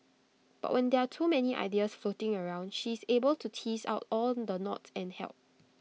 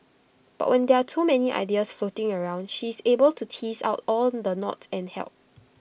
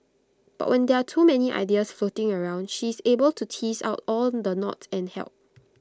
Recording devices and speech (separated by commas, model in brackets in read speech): mobile phone (iPhone 6), boundary microphone (BM630), close-talking microphone (WH20), read sentence